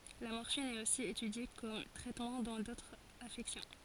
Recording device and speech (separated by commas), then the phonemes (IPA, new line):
forehead accelerometer, read sentence
la mɔʁfin ɛt osi etydje kɔm tʁɛtmɑ̃ dɑ̃ dotʁz afɛksjɔ̃